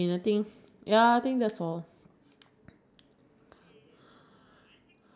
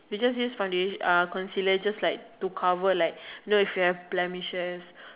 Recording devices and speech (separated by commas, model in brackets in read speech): standing microphone, telephone, conversation in separate rooms